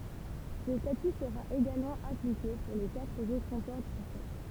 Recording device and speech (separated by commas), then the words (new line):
temple vibration pickup, read sentence
Ce statut sera également appliqué pour les quatre autres comptoirs français.